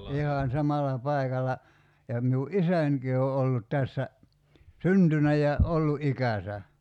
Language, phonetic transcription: Finnish, 'ihan 'samalla 'pai̬kalla , ja miu "’isänki o 'ollut 'tässä , "syntynä ja , '’ollu '’ikäsä .
- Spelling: ihan samalla paikalla ja minun isänikin on ollut tässä syntynyt ja ollut ikänsä

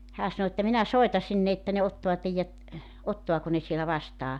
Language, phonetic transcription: Finnish, 'hää sano että » 'minä 'soita sinne että ne 'ottoa 'teijjät , 'ottoako ne sielä "vastaa « .
- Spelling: hän sanoi että minä soitan sinne että ne ottaa teidät ottaako ne siellä vastaan

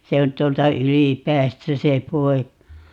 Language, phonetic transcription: Finnish, 'se on 't̀uolta "Ylipäästä 'se 'poik(a) .
- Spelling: se on tuolta Ylipäästä se poika

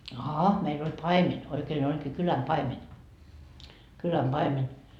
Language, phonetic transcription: Finnish, aha , meil ‿oĺ "paimeń , oikeen ‿oĺkii 'kyläm 'paimeń , 'kyläm paimeń .
- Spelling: aha meillä oli paimen oikein olikin kylän paimen kylän paimen

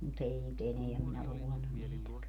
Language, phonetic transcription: Finnish, mu't ‿ei nyt 'eneäm minä (luulen ‿on) 'niitäkä .
- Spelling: mutta ei nyt enää minä luulen ole niitäkään

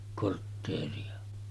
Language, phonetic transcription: Finnish, kortteeri₍a .
- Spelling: kortteeria

